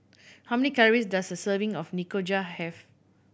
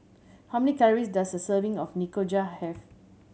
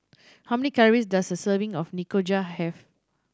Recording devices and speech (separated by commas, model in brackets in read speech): boundary microphone (BM630), mobile phone (Samsung C7100), standing microphone (AKG C214), read sentence